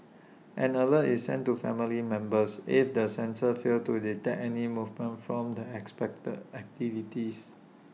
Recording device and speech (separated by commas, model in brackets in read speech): mobile phone (iPhone 6), read sentence